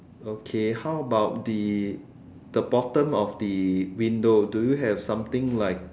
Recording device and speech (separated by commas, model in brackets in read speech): standing microphone, conversation in separate rooms